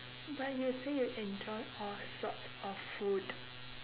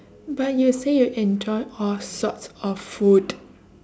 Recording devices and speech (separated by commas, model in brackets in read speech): telephone, standing microphone, conversation in separate rooms